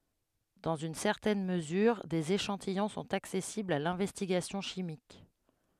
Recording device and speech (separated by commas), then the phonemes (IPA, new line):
headset microphone, read sentence
dɑ̃z yn sɛʁtɛn məzyʁ dez eʃɑ̃tijɔ̃ sɔ̃t aksɛsiblz a lɛ̃vɛstiɡasjɔ̃ ʃimik